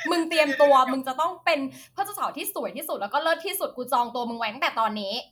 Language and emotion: Thai, happy